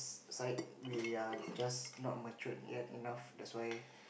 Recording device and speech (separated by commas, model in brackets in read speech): boundary microphone, conversation in the same room